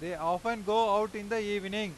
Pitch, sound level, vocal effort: 210 Hz, 100 dB SPL, very loud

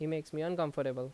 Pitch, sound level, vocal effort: 155 Hz, 85 dB SPL, loud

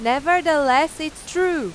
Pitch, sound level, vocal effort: 310 Hz, 97 dB SPL, very loud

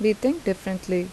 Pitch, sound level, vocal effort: 195 Hz, 82 dB SPL, normal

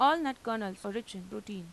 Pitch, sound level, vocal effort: 210 Hz, 89 dB SPL, normal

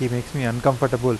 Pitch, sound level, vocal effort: 125 Hz, 86 dB SPL, normal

